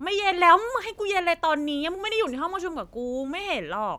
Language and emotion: Thai, angry